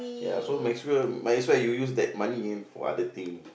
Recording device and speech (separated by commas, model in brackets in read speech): boundary microphone, conversation in the same room